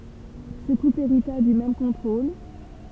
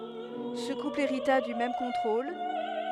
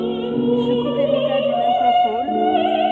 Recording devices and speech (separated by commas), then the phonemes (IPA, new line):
temple vibration pickup, headset microphone, soft in-ear microphone, read sentence
sə kupl eʁita dy mɛm kɔ̃tʁol